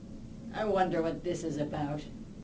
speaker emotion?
disgusted